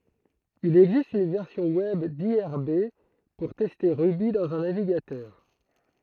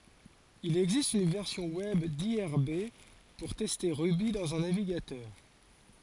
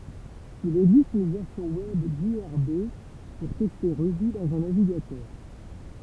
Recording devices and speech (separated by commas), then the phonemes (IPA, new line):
throat microphone, forehead accelerometer, temple vibration pickup, read sentence
il ɛɡzist yn vɛʁsjɔ̃ wɛb diʁb puʁ tɛste ʁuby dɑ̃z œ̃ naviɡatœʁ